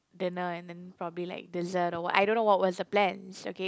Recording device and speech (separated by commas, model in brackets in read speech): close-talking microphone, conversation in the same room